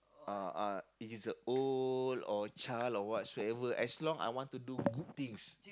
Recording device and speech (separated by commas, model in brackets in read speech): close-talking microphone, conversation in the same room